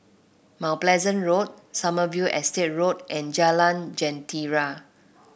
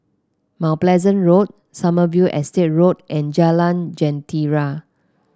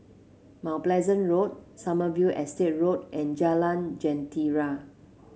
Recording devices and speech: boundary microphone (BM630), close-talking microphone (WH30), mobile phone (Samsung C7), read sentence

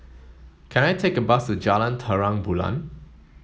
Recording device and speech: mobile phone (Samsung S8), read sentence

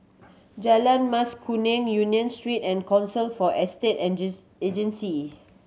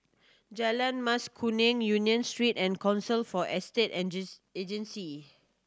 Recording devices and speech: mobile phone (Samsung C7100), standing microphone (AKG C214), read sentence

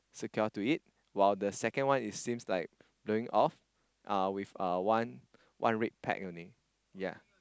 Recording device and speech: close-talking microphone, conversation in the same room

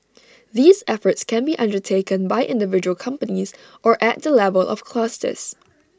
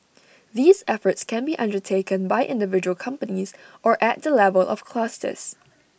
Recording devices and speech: standing microphone (AKG C214), boundary microphone (BM630), read sentence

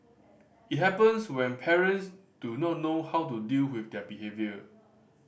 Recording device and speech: boundary microphone (BM630), read sentence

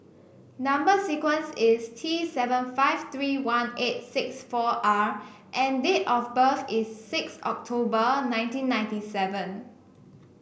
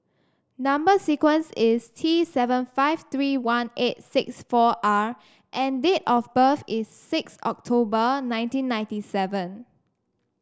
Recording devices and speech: boundary microphone (BM630), standing microphone (AKG C214), read sentence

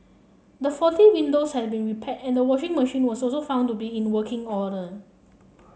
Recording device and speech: mobile phone (Samsung C7), read sentence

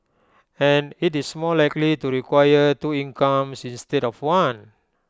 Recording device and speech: close-talking microphone (WH20), read sentence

